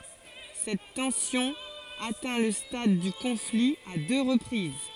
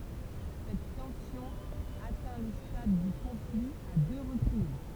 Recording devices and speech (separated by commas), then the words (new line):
forehead accelerometer, temple vibration pickup, read sentence
Cette tension atteint le stade du conflit à deux reprises.